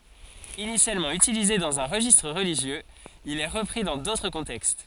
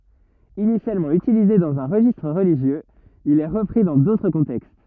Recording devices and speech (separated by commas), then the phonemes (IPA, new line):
forehead accelerometer, rigid in-ear microphone, read sentence
inisjalmɑ̃ ytilize dɑ̃z œ̃ ʁəʒistʁ ʁəliʒjøz il ɛ ʁəpʁi dɑ̃ dotʁ kɔ̃tɛkst